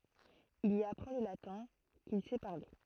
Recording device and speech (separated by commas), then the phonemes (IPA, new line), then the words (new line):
throat microphone, read sentence
il i apʁɑ̃ lə latɛ̃ kil sɛ paʁle
Il y apprend le latin, qu'il sait parler.